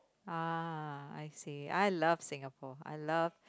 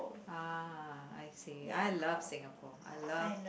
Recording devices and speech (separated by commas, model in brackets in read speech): close-talking microphone, boundary microphone, conversation in the same room